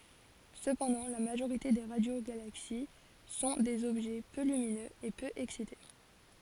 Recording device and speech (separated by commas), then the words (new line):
forehead accelerometer, read sentence
Cependant, la majorité des radiogalaxies sont des objets peu lumineux et peu excités.